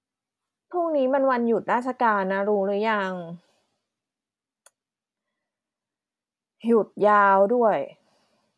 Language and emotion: Thai, frustrated